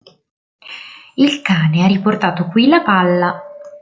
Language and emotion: Italian, happy